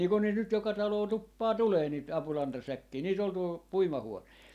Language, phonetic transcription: Finnish, nii kun niit nyt 'joka 'taloo 'tuppaa "tulee niit 'apulantasäkkii , 'niit ‿ol tuol , 'puima-huon(ehe) .
- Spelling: niin kuin niitä nyt joka taloon tuppaa tulemaan niitä apulantasäkkejä niitä oli tuolla puimahuoneen

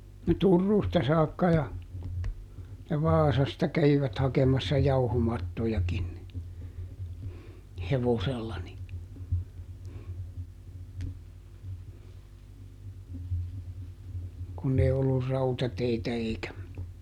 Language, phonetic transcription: Finnish, no "Turruusta saakka ja , ja "Vaasasta kävivät ˈhakemassa "jauhomattojakin ni , "hevosella ni , kunn ‿ei ollur "rautateitä eikä ,.
- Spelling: no Turusta saakka ja ja Vaasasta kävivät hakemassa jauhomattojakin niin hevosella niin kun ei ollut rautateitä eikä

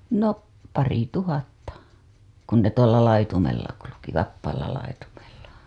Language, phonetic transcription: Finnish, no , 'parituhatta , kun ne tuolla laitumella ku-luki , 'vappaalla laitumella .
- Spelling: no parituhatta kun ne tuolla laitumella kulki vapaalla laitumella

